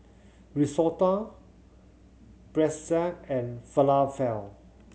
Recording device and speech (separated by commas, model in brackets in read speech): mobile phone (Samsung C7100), read sentence